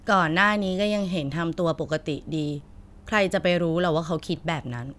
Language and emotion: Thai, frustrated